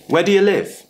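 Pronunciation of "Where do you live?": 'Where do you live?' is said with a schwa sound.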